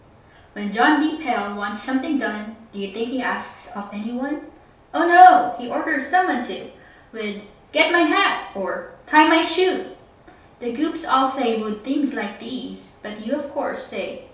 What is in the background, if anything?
Nothing.